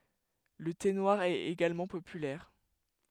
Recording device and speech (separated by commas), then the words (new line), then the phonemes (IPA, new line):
headset microphone, read sentence
Le thé noir est également populaire.
lə te nwaʁ ɛt eɡalmɑ̃ popylɛʁ